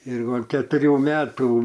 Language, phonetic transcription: Lithuanian, ir ˈva ketuˈrių ˈmetų

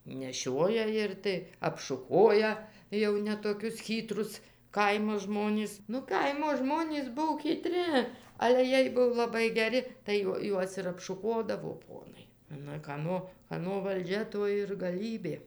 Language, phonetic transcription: Lithuanian, neˈšioja ˈir tai apšuˈkoja jau ne toˈkius ˈchytrus ˈkaimo ˈžmonis nu ˈkaimo ˈžmonys ˈbuo kyˈtri ˈale ˈjiej ˈbuvo laˈbai geˈri tai ˈjuo ˈjuos ir apšuˈkodavo ˈponai nu kaˈno kaˈno valˈdžia ˈto ir gaˈlybė

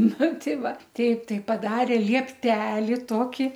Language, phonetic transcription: Lithuanian, ˈnu ˈtei ˈva ˈteip ˈtai paˈdarė lieˈpteli ˈtoki

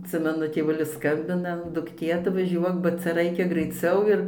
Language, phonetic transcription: Lithuanian, atˈsimenu tėˈvulis ˈskambina dukˈtė atvaˈžiuok ba ˈcia ˈraikia graiˈciau ir

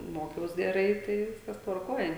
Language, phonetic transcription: Lithuanian, ˈmokiaus geˈrai ˈtai ˈviskas tvarˈkoj

